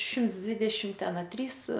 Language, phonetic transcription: Lithuanian, ˈšimts ˈdvidešim ˈten a ˈtrys

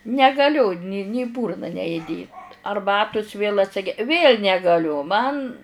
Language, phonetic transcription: Lithuanian, negaˈliu ni ni į ˈbūrna ne iˈdėt arˈbatus vėl atˈsige vėl' negaˈliu ˈman

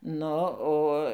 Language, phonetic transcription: Lithuanian, ˈnu ˈo

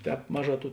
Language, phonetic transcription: Lithuanian, ˈtēp ˈmaˌžā ˈtų

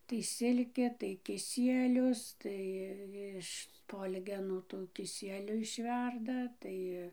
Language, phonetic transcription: Lithuanian, tai ˈsilkė tai kiˈsielius ˈtai iš ˈspolgenų tų kiˈsieliu išˈverda ˈtai

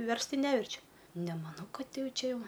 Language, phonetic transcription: Lithuanian, ˈverst ˈtai ˈneverčiu nemaˈnau ˈkad ˈjau ˈčia ˈjau

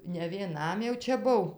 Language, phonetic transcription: Lithuanian, ne vieˈnam jau ˈčia ˈbuv

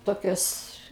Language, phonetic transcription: Lithuanian, ˈtokios

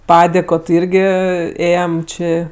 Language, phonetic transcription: Lithuanian, ˈpadėko ti ˈirgi ˈėjem ˈči

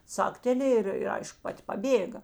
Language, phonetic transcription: Lithuanian, ˈcakteˈlėj ir ir ˈaišku ˈpat' paˈbėga

